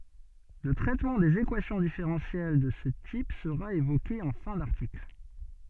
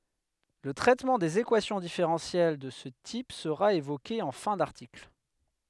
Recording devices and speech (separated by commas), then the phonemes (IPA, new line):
soft in-ear microphone, headset microphone, read sentence
lə tʁɛtmɑ̃ dez ekwasjɔ̃ difeʁɑ̃sjɛl də sə tip səʁa evoke ɑ̃ fɛ̃ daʁtikl